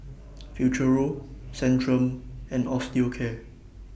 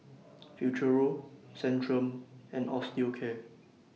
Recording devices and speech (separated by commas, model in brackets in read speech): boundary microphone (BM630), mobile phone (iPhone 6), read sentence